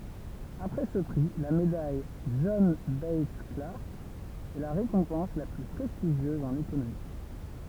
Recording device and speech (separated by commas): temple vibration pickup, read sentence